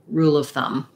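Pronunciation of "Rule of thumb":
In 'rule of thumb', 'rule' links into 'of', so the L sounds as if it starts the next word instead of ending 'rule'.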